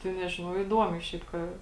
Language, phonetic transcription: Lithuanian, tai ˈnežinau iˈduomiai ˈšiaip ka

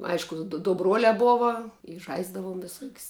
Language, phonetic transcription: Lithuanian, ˈaišku du du ˈbruolia ˈbova i ˈžaisdavuom viˈsuok's'

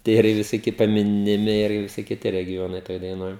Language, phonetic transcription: Lithuanian, ˈtie ir i visoˈki paˌminiˈmi ir viˈsi kiˈti regiˈjonai ˈtoj daiˈnoj

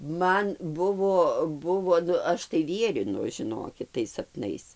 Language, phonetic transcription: Lithuanian, ˈman ˈbuvo ˈbuvo ˈnu ˈaš tai ˈvierinu žiˈnokit tais sapˈnais

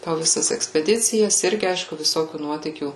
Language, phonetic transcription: Lithuanian, po viˈsas ekspeˈdicijas ˈirgi ˈaišku viˈsokių ˈnuotykių

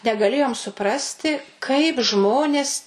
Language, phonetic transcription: Lithuanian, negaˈlėjom suˈprasti kaip ˈžmonės

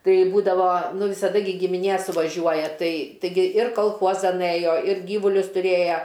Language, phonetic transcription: Lithuanian, ˈtai ˈbūdavo ˈnu visaˈda gi gimiˈnė suvaˈžiuoja ˈtai taiˈgi ir kalˈchuozan ˈɘjo ir ˈgyvulius tuˈrėja

